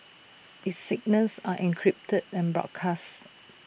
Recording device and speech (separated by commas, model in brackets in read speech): boundary microphone (BM630), read sentence